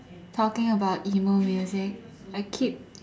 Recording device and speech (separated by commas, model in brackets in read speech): standing microphone, conversation in separate rooms